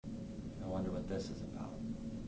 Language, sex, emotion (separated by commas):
English, male, neutral